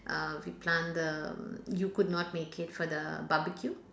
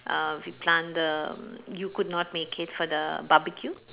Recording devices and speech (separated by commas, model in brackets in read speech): standing microphone, telephone, conversation in separate rooms